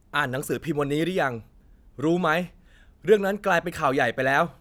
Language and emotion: Thai, frustrated